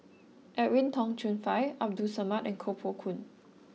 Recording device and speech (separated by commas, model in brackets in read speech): mobile phone (iPhone 6), read sentence